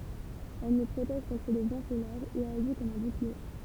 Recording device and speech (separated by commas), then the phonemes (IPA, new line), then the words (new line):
temple vibration pickup, read sentence
ɛl nu pʁotɛʒ kɔ̃tʁ lə vɑ̃ solɛʁ e aʒi kɔm œ̃ buklie
Elle nous protège contre le vent solaire et agit comme un bouclier.